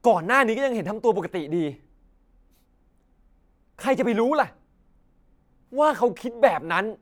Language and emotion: Thai, angry